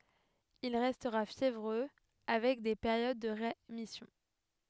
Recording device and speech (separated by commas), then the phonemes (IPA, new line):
headset microphone, read sentence
il ʁɛstʁa fjevʁø avɛk de peʁjod də ʁemisjɔ̃